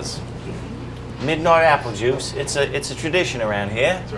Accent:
scottish accent